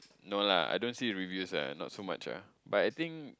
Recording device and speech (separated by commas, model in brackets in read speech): close-talking microphone, conversation in the same room